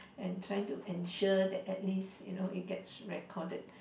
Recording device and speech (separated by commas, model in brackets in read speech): boundary microphone, conversation in the same room